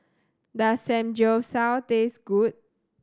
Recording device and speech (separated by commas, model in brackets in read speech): standing microphone (AKG C214), read sentence